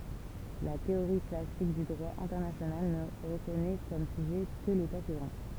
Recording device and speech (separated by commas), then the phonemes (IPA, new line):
temple vibration pickup, read sentence
la teoʁi klasik dy dʁwa ɛ̃tɛʁnasjonal nə ʁəkɔnɛ kɔm syʒɛ kə leta suvʁɛ̃